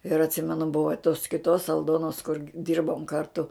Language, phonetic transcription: Lithuanian, ir atˈsymenu ˈbuvo tos kiˈtos alˈdonos kur ˈdyrbom ˈkartu

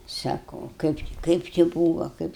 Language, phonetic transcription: Lithuanian, ˈsako ˈkaip či ˈkaip či ˈbūva ˈkaip

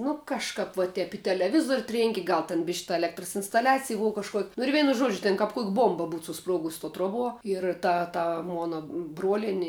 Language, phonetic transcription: Lithuanian, ˈnu kažˈkap va ˈtep i teleˈvizuor' ˈtrėnki ˈgal ten ˈbiš' ta eˈlektras instaˈliacij ˈbova kažˈkuok' nu ir ˈveinu ˈžuodžiu ˈtėn kap kuok' ˈbuomba ˈbūt suˈspruogus to ˈtruoˌbuo ir ˈta ˈta ˈmona ˈbruolieni

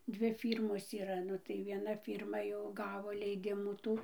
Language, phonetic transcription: Lithuanian, ˈdvi ˈfyrmos yˈra ˈnu tai vieˈna ˈfyrma jau ˈgavo leiˈdimų ˈtų

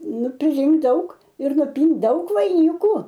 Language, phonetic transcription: Lithuanian, ˈnu priˈrinkt ˈdaug ir nuˈpynt ˈdaug vaiˈniku

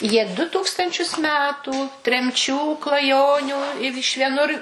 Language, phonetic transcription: Lithuanian, jie ˈdu ˈtūkstančius ˈmetų tremˈčių klaˈjonių i iš vieˈnur

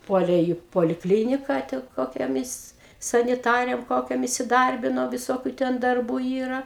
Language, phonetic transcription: Lithuanian, ˈpuolė į poliˈklynika ti kokioˈmis saniˈtarėm ˈkokiom isiˈdarbino viˈsokiu ˈten darˈbų ˈyra

